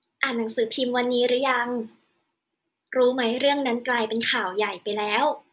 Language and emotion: Thai, neutral